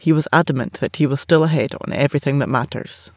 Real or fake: real